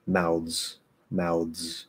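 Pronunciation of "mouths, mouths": In 'mouths', the th is replaced by a dental D, so the word ends in a dz sound.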